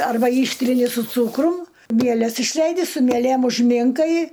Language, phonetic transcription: Lithuanian, ˈarba ˈyštrini su ˈcūkrum ˈmieles išˈleidi su mieˈlėm užˈminkai

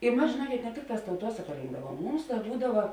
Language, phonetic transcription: Lithuanian, i ˈmas žėˈnuokėt ne ˈtikˌtās tauˈtuosaka ˈrinkdavuom ˈmums ˈda ˈbūdava

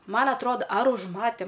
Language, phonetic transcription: Lithuanian, ˈman atˈroda ar užˈmatėm

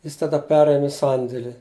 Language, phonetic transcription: Lithuanian, ˈjis taˈda ˈperėmė ˈsandėli

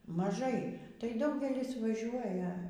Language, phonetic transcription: Lithuanian, maˈžai tai ˈdaugelis vaˈžiuoja

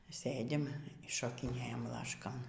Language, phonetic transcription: Lithuanian, ˈsɘ dim šokiˈnėjam ˈlaškon

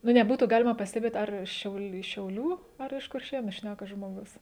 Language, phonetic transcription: Lithuanian, nu neˈbūtų ˈgalima pasteˈbėt ˈar ˈšiaul šiauˈlių ar iš kurˈšėnu ˈšnæka žmoˈgus

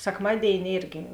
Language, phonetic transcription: Lithuanian, sekˈmadėini ˈėrgi

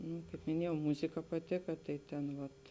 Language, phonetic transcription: Lithuanian, nū kaip miˈniejau ˈmuzika paˈtika ˈtai ten ˈvat

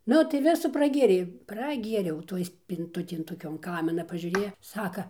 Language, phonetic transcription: Lithuanian, ˈnu tai ˈvisu praˈgėrei praˈgieriau ˈtoj spinˈtutėj toˈkion ˈkamina pažiūˈrėja ˈsaka

